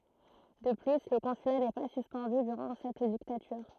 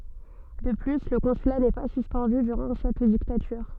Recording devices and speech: throat microphone, soft in-ear microphone, read sentence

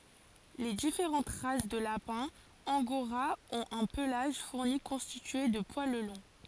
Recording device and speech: forehead accelerometer, read sentence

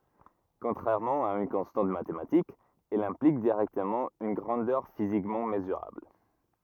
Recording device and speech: rigid in-ear microphone, read sentence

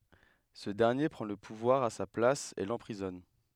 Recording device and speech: headset microphone, read sentence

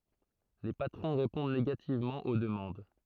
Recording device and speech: throat microphone, read sentence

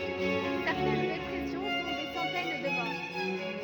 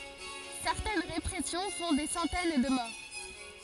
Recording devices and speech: rigid in-ear microphone, forehead accelerometer, read sentence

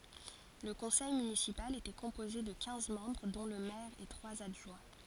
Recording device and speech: forehead accelerometer, read sentence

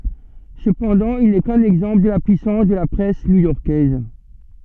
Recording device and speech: soft in-ear microphone, read sentence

